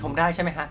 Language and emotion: Thai, happy